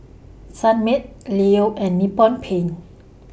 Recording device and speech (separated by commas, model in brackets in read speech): boundary microphone (BM630), read sentence